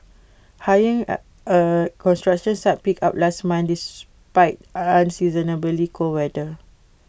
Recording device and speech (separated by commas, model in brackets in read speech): boundary microphone (BM630), read sentence